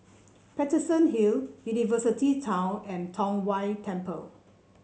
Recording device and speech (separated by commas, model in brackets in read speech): mobile phone (Samsung C7), read sentence